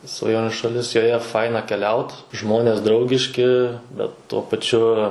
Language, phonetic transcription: Lithuanian, svaˈjoniu šaˈlis joˈje ˈfaina keˈliaut ˈžmonės ˈdraugiški ˈbet tuo paˈčiu

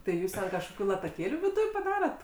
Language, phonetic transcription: Lithuanian, tai ˈjūs ten kažkoˈkių lataˈkėlių viˈduj paˈdarat

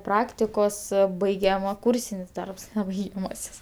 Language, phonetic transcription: Lithuanian, ˈpraktikos ˈbaigiama ˈkūrsinis ˈdarbs ne baigiaˈmasis

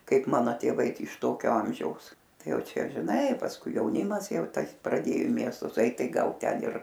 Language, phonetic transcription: Lithuanian, ˈkaip ˈmano tėˈvai ˈtai iš ˈtokio ˈamžiaus ˈtai ˈjau ˈčia žiˈnai pasˈkui jauˈnimas ˈjau ˈtas praˈdėjo i ˈmiestus ˈait ˈtai ˈgal ˈten ir

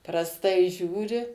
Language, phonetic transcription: Lithuanian, prasˈtai ˈžiūri

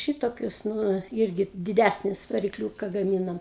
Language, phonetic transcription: Lithuanian, ˈšitokius ˈnu ˈirgi diˈdæsnis varikˈliūka gaˈmynam

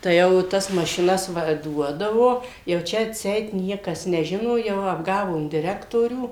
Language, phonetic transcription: Lithuanian, tai ˈjau ˈtas mašiˈnas ˈva ˈduodavo jau ˈčia atˈseit ˈniekas neˈžino ˈjau apˈgavom diˈrektorių

